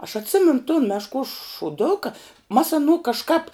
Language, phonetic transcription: Lithuanian, aš atˈsimenu ton mešˈkuos šuˈduka mas aˈnų kažˈkap

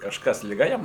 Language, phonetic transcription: Lithuanian, kažˈkas liˈga ˈjam

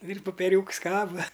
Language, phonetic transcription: Lithuanian, ir popeˈriūks ˈkaba

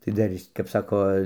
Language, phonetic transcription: Lithuanian, tai ˈdar ˈis kap ˈsako

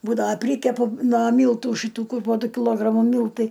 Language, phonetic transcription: Lithuanian, ˈbūdava ˈprykepu nuo ˈmyltų šiˈtų ˈkur po ˈdu kiˈlogramu ˈmyltai

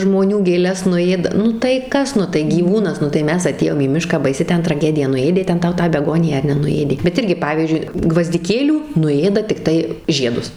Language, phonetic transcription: Lithuanian, žmoˈnių gėˈles nuˈėda ˈnu tai ˈkas ˈnu tai gyˈvūnas ˈnu tai ˈmes aˈtėjom į ˈmišką baiˈsi ˈten traˈgedija nuˈėdė ˈten ˈtau tą beˈgoniją ar nenuˈėdė bet ˈirgi ˈpavyzdžiui gvazdiˈkėlių nuˈėda tikˈtai ˈžiedus

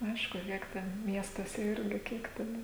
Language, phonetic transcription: Lithuanian, ˈaišku ˈkiek ten ˈmiestuose ˈirgi ˈkiek ten

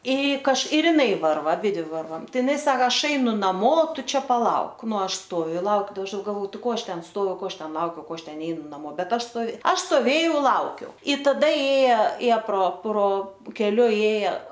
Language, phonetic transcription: Lithuanian, i kaž ir iˈnai ˈvarva aˈbidvi ˈvarvam ˈtai iˈnai ˈsaka ˈaš ˈainu naˈmo ˈtu ˈčia paˈlauk ˈnu ˈaš ˈstoviu i ˈlauk da ˈaš galˈvo ˈtai ˈko ˈaš ˈten ˈstoviu ˈko ˈaš ˈten ˈlaukiau ˈko ˈaš ˈten ˈneinu naˈmo ˈbet ˈaš stoˈve ˈaš stoˈvėjau ˈlaukiau i taˈda ˈėja ˈėja pro pro keˈliu ˈėja

